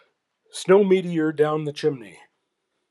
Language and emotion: English, happy